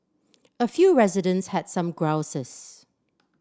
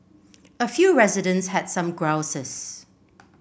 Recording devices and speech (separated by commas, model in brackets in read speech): standing microphone (AKG C214), boundary microphone (BM630), read sentence